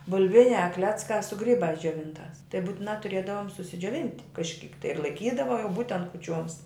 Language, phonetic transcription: Lithuanian, buˈlviniā ˈkleckā su ˈgrybās džioˈvintās tai būtiˈnā tuˈrėdavom susidžioˈvint' kažˈkyk ir laiˈkydava jau ˈbūtent kuˈčioms

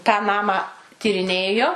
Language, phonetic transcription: Lithuanian, tą ˈnamą tyriˈnėjo

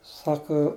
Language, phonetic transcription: Lithuanian, ˈsaka

